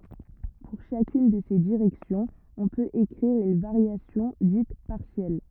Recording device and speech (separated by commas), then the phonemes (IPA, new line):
rigid in-ear microphone, read sentence
puʁ ʃakyn də se diʁɛksjɔ̃z ɔ̃ pøt ekʁiʁ yn vaʁjasjɔ̃ dit paʁsjɛl